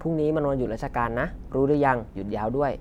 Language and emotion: Thai, neutral